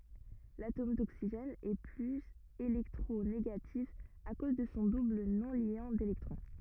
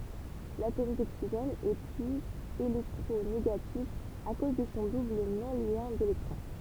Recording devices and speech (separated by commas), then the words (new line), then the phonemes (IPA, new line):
rigid in-ear microphone, temple vibration pickup, read sentence
L'atome d'oxygène est plus électronégatif à cause de son double non-liant d'électrons.
latom doksiʒɛn ɛ plyz elɛktʁoneɡatif a koz də sɔ̃ dubl nɔ̃ljɑ̃ delɛktʁɔ̃